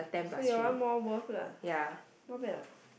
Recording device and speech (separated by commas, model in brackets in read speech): boundary microphone, conversation in the same room